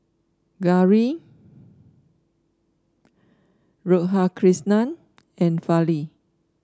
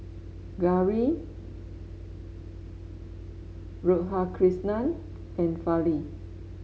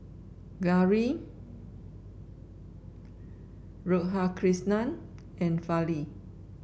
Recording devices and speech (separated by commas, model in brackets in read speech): standing microphone (AKG C214), mobile phone (Samsung S8), boundary microphone (BM630), read sentence